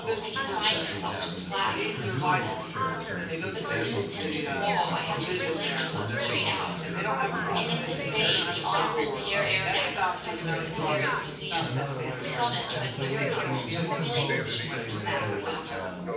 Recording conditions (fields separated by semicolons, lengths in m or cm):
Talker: one person; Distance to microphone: 9.8 m; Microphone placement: far; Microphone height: 1.8 m; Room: large; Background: babble